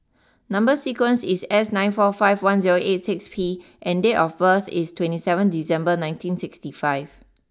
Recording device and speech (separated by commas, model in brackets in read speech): standing microphone (AKG C214), read sentence